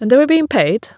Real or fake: real